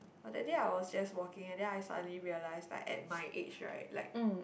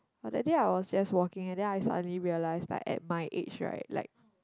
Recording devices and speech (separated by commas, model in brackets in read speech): boundary microphone, close-talking microphone, conversation in the same room